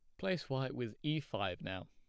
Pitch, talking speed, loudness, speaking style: 130 Hz, 215 wpm, -40 LUFS, plain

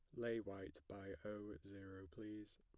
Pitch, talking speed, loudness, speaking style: 100 Hz, 150 wpm, -51 LUFS, plain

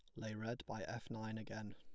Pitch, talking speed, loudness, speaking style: 110 Hz, 235 wpm, -47 LUFS, plain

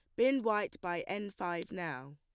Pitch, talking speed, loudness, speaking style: 180 Hz, 185 wpm, -35 LUFS, plain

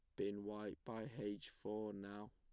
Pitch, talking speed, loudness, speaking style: 105 Hz, 170 wpm, -48 LUFS, plain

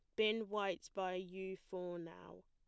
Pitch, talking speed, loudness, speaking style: 190 Hz, 160 wpm, -42 LUFS, plain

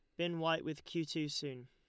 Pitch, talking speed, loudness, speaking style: 155 Hz, 245 wpm, -39 LUFS, Lombard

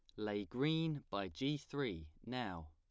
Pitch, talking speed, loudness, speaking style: 110 Hz, 145 wpm, -41 LUFS, plain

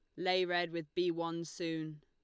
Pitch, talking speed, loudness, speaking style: 170 Hz, 195 wpm, -36 LUFS, Lombard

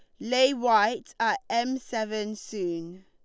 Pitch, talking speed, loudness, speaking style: 220 Hz, 130 wpm, -27 LUFS, Lombard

